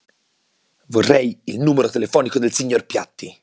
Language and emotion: Italian, angry